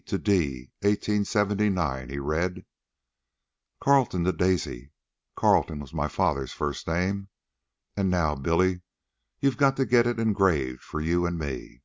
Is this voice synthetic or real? real